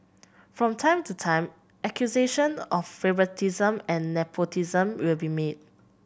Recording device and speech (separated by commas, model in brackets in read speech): boundary microphone (BM630), read sentence